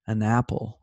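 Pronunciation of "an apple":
'an apple' is drawn together, said without glottal stops at the beginning of the words.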